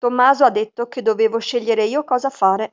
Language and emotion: Italian, neutral